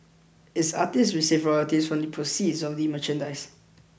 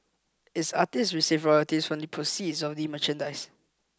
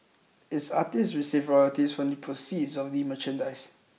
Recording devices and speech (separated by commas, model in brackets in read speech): boundary microphone (BM630), close-talking microphone (WH20), mobile phone (iPhone 6), read sentence